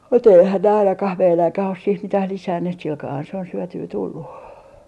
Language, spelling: Finnish, mutta eihän ne ainakaan meidänkään ole siihen mitään lisänneet sillä kalellahan se on syötyä tullut
- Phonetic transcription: mut ‿eihän ne 'ainakah 'meiläŋkäh os siih "mitäh 'lisänneet silkaahan se on 'syötyy 'tullu .

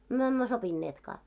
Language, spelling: Finnish, me emme sopineetkaan
- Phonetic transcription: myö emmö 'sopinneetkaa .

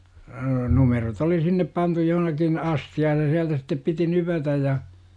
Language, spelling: Finnish, numerot oli sinne pantu johonkin astiaan ja sieltä sitten piti nypätä ja
- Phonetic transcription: 'numerot oli 'sinnep pantu johnakin , "asthi₍aaj ja 'siältä sittep piti "nypätäj ja .

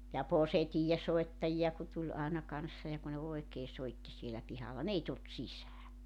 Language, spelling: Finnish, ja posetiivinsoittajia kun tuli aina kanssa ja kun ne oikein soitti siellä pihalla ne ei tullut sisään
- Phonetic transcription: ja "posetiijesoettaji₍a ku 'tuĺ aena 'kanssa ja ku ne 'oekee 'soitti sielä 'pihalla "n ‿ei tult 'sisää .

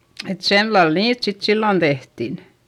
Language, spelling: Finnish, että sillä lailla niitä sitten silloin tehtiin
- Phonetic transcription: et sellal niit sit sillon tehtin .

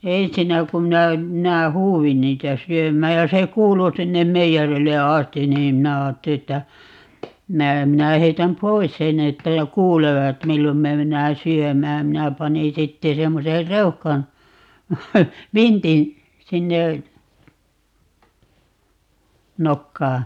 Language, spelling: Finnish, ensinnä kun minä minä huusin niitä syömään ja se kuului sinne meijerille asti niin minä ajattelin että minä minä heitän pois sen että jo kuulevat milloin me mennään syömään minä panin sitten semmoisen reuhkan vintin sinne nokkaan
- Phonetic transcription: "ensinnä kum 'minä , 'minä "huuwin 'niitä 'syöm̀ääj ja se 'kuulu 'sinnem "meijärille 'astin̆ 'niim 'minä 'aatteli että , 'minä , 'minä 'heitäm "pois 'senn̆ ‿että jo "kuulevat 'millom me 'mennää "syömääm - 'minä 'pani 'sitte 'semmoser "reuhkan , "vintin , 'sinne , "nokkaa .

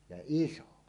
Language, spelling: Finnish, ja iso
- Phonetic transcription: ja "iso .

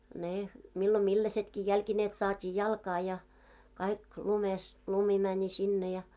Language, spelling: Finnish, ne milloin millaisetkin jalkineet saatiin jalkaa ja kaikki lumessa lumi meni sinne ja
- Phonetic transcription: 'ne , 'millo 'milläsetki jälkineet saat́ii 'jalkaa ja , 'kaik lumes , 'lumi mäńi 'sinne ja .

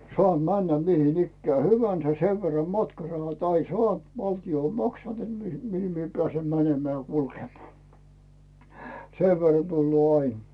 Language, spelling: Finnish, saan mennä mihin ikään hyvänsä sen verran matkarahat aina saanut valtio on maksanut että mihin pääsen menemään ja kulkemaan sen verran tulee aina
- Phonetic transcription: 'soàm "männä 'mihin ‿ikkää 'hyvänsä sev verra "matkarahat ‿ain 'soànt , 'valti₍o ‿m "maksant net 'mihi pᵉä̀sem "mänemeä̀ ja "kulkemᵒaa , 'sev verra tulloo "ain .

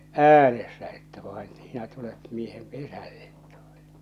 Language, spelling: Finnish, äänessä että vaan sinä tulet miehen pesälle tuota
- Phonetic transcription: äänessä että vaen , sinä tulet miehem 'pesällᴇt tᴜᴏtᴀ .

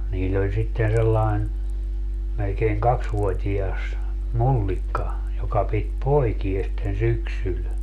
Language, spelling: Finnish, niillä oli sitten sellainen melkein kaksivuotias mullikka joka piti poikia sitten syksyllä
- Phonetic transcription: 'niill ‿oĺ sitten 'sellain , melkeiŋ 'kaksvuot́ias , "mullikka , 'joka pit "poikies sitten "syksyl .

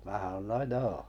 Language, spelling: Finnish, minä sanoin no joo
- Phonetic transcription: 'mää (ˢᵃnoi) » no "joo « .

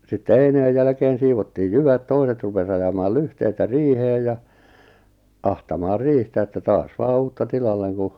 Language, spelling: Finnish, sitten eineen jälkeen siivottiin jyvät toiset rupesi ajamaan lyhteitä riiheen ja ahtamaan riihtä että taas vain uutta tilalle kun
- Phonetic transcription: sitte 'eineej jälᵃ̈keen̬ 'siivottiij "jyvät 'toiset rupes ajamaal "lyhteitä "riiheej ja , 'ahtamaar "riihtä että 'taas 'vaa "uutta 'tilalleŋ ku ,.

